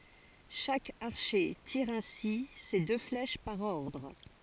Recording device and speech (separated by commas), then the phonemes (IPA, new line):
forehead accelerometer, read sentence
ʃak aʁʃe tiʁ ɛ̃si se dø flɛʃ paʁ ɔʁdʁ